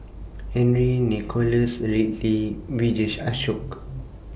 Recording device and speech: boundary microphone (BM630), read sentence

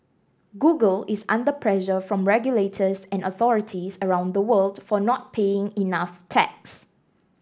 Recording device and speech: standing microphone (AKG C214), read sentence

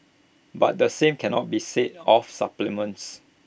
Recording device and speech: boundary microphone (BM630), read sentence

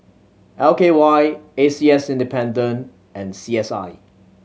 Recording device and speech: mobile phone (Samsung C7100), read sentence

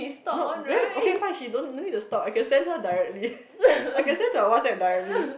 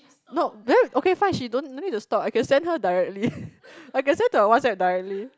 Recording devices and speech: boundary microphone, close-talking microphone, conversation in the same room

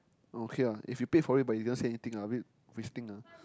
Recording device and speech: close-talking microphone, conversation in the same room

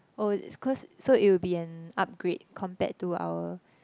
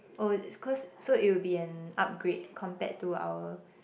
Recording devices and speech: close-talking microphone, boundary microphone, conversation in the same room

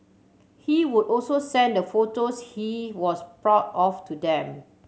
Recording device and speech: mobile phone (Samsung C7100), read sentence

